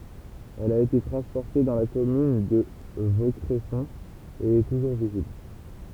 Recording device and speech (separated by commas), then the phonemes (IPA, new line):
temple vibration pickup, read sentence
ɛl a ete tʁɑ̃spɔʁte dɑ̃ la kɔmyn də vokʁɛsɔ̃ e ɛ tuʒuʁ vizibl